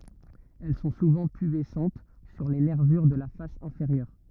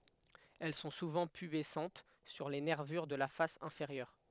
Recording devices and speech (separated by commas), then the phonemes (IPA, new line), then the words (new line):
rigid in-ear microphone, headset microphone, read sentence
ɛl sɔ̃ suvɑ̃ pybɛsɑ̃t syʁ le nɛʁvyʁ də la fas ɛ̃feʁjœʁ
Elles sont souvent pubescentes sur les nervures de la face inférieure.